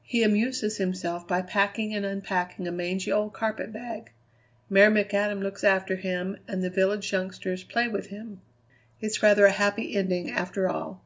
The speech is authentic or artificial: authentic